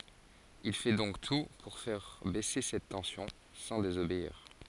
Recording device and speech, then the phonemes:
forehead accelerometer, read sentence
il fɛ dɔ̃k tu puʁ fɛʁ bɛse sɛt tɑ̃sjɔ̃ sɑ̃ dezobeiʁ

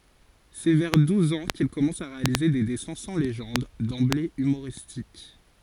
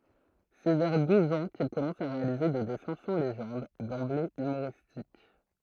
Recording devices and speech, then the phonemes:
forehead accelerometer, throat microphone, read sentence
sɛ vɛʁ duz ɑ̃ kil kɔmɑ̃s a ʁealize de dɛsɛ̃ sɑ̃ leʒɑ̃d dɑ̃ble ymoʁistik

